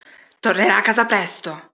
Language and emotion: Italian, angry